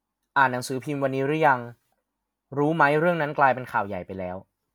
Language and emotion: Thai, neutral